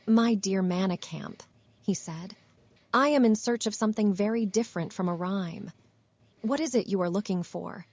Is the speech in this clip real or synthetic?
synthetic